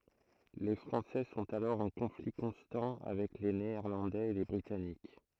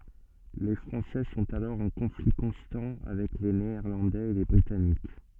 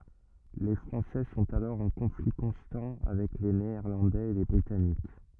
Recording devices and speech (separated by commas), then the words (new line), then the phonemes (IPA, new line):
throat microphone, soft in-ear microphone, rigid in-ear microphone, read sentence
Les Français sont alors en conflit constant avec les Néerlandais et les Britanniques.
le fʁɑ̃sɛ sɔ̃t alɔʁ ɑ̃ kɔ̃fli kɔ̃stɑ̃ avɛk le neɛʁlɑ̃dɛz e le bʁitanik